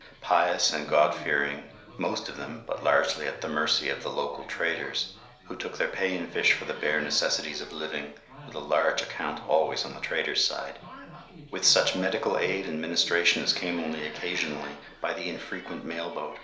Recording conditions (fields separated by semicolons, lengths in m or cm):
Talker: one person; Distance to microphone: 1.0 m; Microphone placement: close; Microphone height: 1.1 m; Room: small (3.7 m by 2.7 m); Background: television